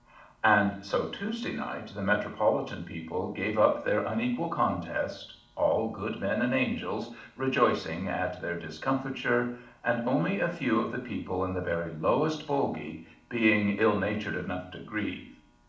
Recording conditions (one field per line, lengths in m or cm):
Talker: one person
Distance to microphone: 2.0 m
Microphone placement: close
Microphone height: 99 cm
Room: medium-sized (5.7 m by 4.0 m)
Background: none